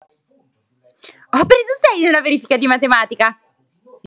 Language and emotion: Italian, happy